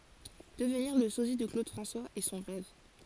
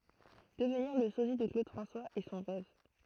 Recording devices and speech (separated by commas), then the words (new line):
forehead accelerometer, throat microphone, read sentence
Devenir le sosie de Claude François est son rêve.